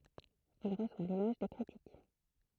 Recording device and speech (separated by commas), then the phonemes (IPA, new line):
throat microphone, read sentence
il ʁəswa lelɔʒ de kʁitik